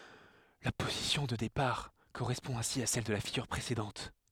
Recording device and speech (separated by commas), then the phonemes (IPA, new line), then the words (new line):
headset microphone, read sentence
la pozisjɔ̃ də depaʁ koʁɛspɔ̃ ɛ̃si a sɛl də la fiɡyʁ pʁesedɑ̃t
La position de départ correspond ainsi à celle de la figure précédente.